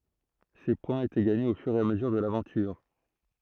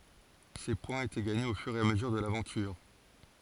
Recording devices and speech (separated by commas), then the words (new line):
throat microphone, forehead accelerometer, read sentence
Ces points étaient gagnés au fur et à mesure de l'aventure.